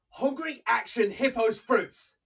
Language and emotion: English, angry